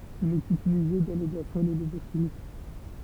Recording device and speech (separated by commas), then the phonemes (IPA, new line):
temple vibration pickup, read sentence
il ɛt ytilize dɑ̃ le bwasɔ̃z e le ləvyʁ ʃimik